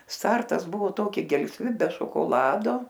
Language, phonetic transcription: Lithuanian, ˈstartas ˈbuvo ˈtoki gelsˈvi be šokoˈlado

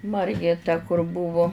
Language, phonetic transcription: Lithuanian, ˈmargė ta kur ˈbuvu

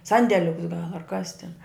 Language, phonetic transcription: Lithuanian, ˈsandeliuks gal ar kas tin

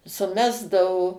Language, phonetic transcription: Lithuanian, suˈmesdavo

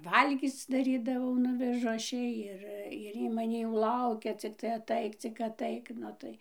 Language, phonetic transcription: Lithuanian, ˈvalgyc daˈrydavau ˈnuvežu ˈaš ˈjai ˈir ir ˈy maˈnį jau ˈlaukia cikˈtai aˈtaik cik aˈtaik ˈnu tai

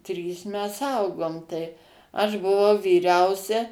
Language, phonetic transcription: Lithuanian, ˈtrys ˈmes ˈaugom tai ˈaš buˈvau vyˈriausia

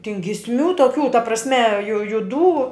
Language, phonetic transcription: Lithuanian, tin gisˈmių toˈkių ta prasˈme ju juˈdų

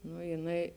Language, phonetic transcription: Lithuanian, nu jiˈnai

